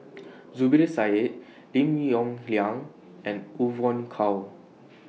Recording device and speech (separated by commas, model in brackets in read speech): mobile phone (iPhone 6), read sentence